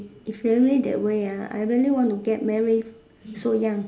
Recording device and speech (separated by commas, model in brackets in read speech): standing microphone, conversation in separate rooms